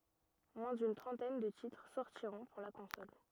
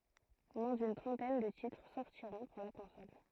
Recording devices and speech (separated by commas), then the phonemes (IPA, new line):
rigid in-ear microphone, throat microphone, read sentence
mwɛ̃ dyn tʁɑ̃tɛn də titʁ sɔʁtiʁɔ̃ puʁ la kɔ̃sɔl